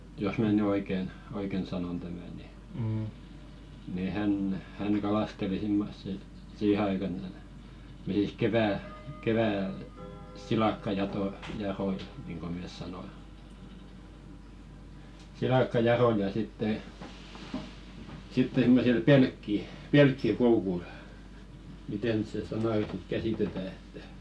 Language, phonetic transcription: Finnish, jos mä̀ 'ny "oiken , 'oiken 'sanon tämä̀ ni , ni "häǹ , 'hän̳§ kalasteli 'simmossi , 'siihe aikan , me nii(t) 'kevä̀- , kevä̀l , silakkajato- , -jaroi niiŋko mès sanoi , "silakkajaroja sitte , 'sitteŋ ɢᵘ me sil 'pelkki- , "pelkki'koukul , 'mitè nyt se 'sanà ny sit "käsìtetä että ,.
- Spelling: jos minä nyt oikein oikein sanon tämän niin niin hän hän kalasteli semmoisia siihen aikaan me niitä - keväällä - silakkajatoja niin kuin me sanoimme silakkajatoja sitten sitten kun me sillä - pelkkikoukulla miten nyt se sana nyt sitten käsitetään että

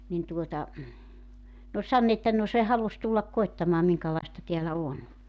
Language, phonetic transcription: Finnish, nin 'tuota , n ‿ooĺ "sann ‿että » no 'se 'halus tullak 'koettamaa 'miŋkalaista 'teälä 'on « .
- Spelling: niin tuota ne oli sanonut että no se halusi tulla koettamaan minkälaista täällä on

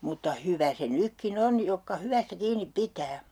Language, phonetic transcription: Finnish, mutta 'hyvä se 'nykki"n ‿on 'jokka "hyvästä 'kiinip "pitää .
- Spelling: mutta hyvä se nytkin on jotka hyvästä kiinni pitää

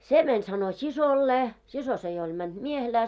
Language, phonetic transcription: Finnish, se 'mäń sano "sisollee 'siso se jo oĺ mänᴅ 'miehelää .
- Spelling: se meni sanoi siskolleen sisko se jo oli mennyt miehelään

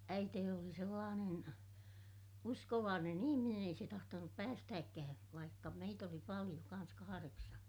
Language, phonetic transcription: Finnish, äiteeni oli sellaanen , uskovaanen ‿ihiminen ‿ei se tahtonup päästääkkää , vaikka meit ‿oli paliʲo , kan̬s kahareksan̬ .
- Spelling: äitini oli sellainen uskovainen ihminen ei se tahtonut päästääkään vaikka meitä oli paljon kanssa kahdeksan

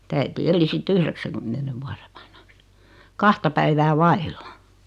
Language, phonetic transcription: Finnish, [mut]"t ‿äiti 'eli sit "yhreksäkymmene 'vuare vanhᴀks , 'kahta päivää 'vailla .
- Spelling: mutta äiti eli sitten yhdeksänkymmenen vuoden vanhaksi kahta päivää vailla

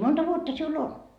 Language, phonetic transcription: Finnish, monta 'vuotta siul "on ?
- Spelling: monta vuotta sinulla on

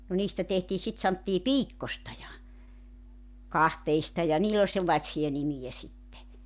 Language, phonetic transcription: Finnish, no 'niistä tehtii sit santtii "piikkosta ja , "kahteista ja 'niill ‿oĺ sellaⁱtsija 'nimijä sitte .
- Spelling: no niistä tehtiin sitten sanottiin piikkoista ja kahteista ja niillä oli sellaisia nimiä sitten

